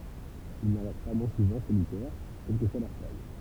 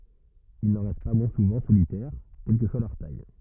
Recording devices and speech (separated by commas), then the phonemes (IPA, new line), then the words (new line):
temple vibration pickup, rigid in-ear microphone, read sentence
il nɑ̃ ʁɛst pa mwɛ̃ suvɑ̃ solitɛʁ kɛl kə swa lœʁ taj
Ils n'en restent pas moins souvent solitaires, quelle que soit leur taille.